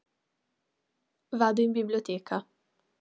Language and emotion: Italian, neutral